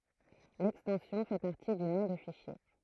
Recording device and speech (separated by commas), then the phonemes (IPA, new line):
throat microphone, read sentence
lɛkstɑ̃sjɔ̃ fɛ paʁti dy nɔ̃ də fiʃje